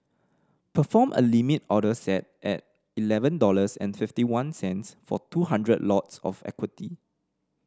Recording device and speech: standing microphone (AKG C214), read sentence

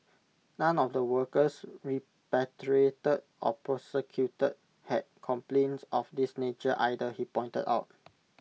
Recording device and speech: mobile phone (iPhone 6), read sentence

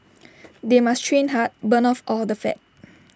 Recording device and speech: standing microphone (AKG C214), read sentence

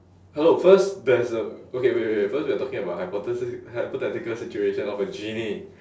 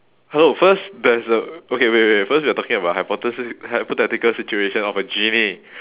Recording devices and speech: standing microphone, telephone, conversation in separate rooms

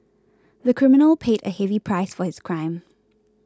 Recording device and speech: close-talking microphone (WH20), read sentence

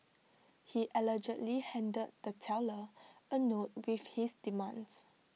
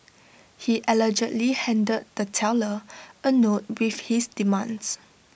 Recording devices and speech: mobile phone (iPhone 6), boundary microphone (BM630), read sentence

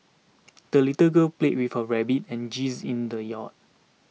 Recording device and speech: mobile phone (iPhone 6), read sentence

